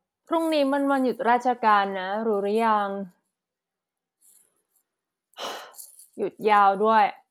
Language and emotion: Thai, frustrated